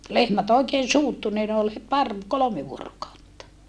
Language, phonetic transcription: Finnish, lehmät ‿oekeen̬ suuttu nii ne ol het par , kolome vuorokautta .
- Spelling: lehmät oikein suuttui niin ne oli heti pari kolme vuorokautta

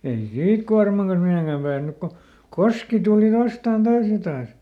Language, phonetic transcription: Finnish, ei "siit kuarmaŋ kans ˈmihèŋkäm ˈpääsnyk ko , "koski tuli ˈvastàn ˈtaas ja ˈtaas .
- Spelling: ei siitä kuorman kanssa mihinkään päässyt kun koski tuli vastaan taas ja taas

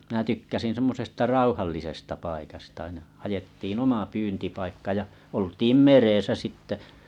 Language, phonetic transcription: Finnish, minä 'tykkäsin 'semmosesta "rauhallisesta paikasta aina , hajettiin 'oma 'pyyntipaikka ja , oltiim "merèsä 'sitte .
- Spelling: minä tykkäsin semmoisesta rauhallisesta paikasta aina haettiin oma pyyntipaikka ja oltiin meressä sitten

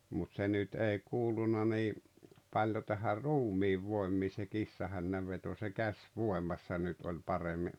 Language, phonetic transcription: Finnish, mut 'se nyt 'ei 'kuuluna nii , 'paljo tähär̆ "ruumiivvòemmii se "kissahännävveto se "käś'vòemassa nyt oĺ 'paremmi .
- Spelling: mutta se nyt ei kuulunut niin paljon tähän ruumiinvoimiin se kissahännänveto se käsivoimassa nyt oli paremmin

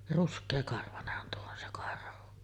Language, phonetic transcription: Finnish, "rusk̆keekarvanehhan tuo on se 'karhu .
- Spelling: ruskeakarvainenhan tuo on se karhu

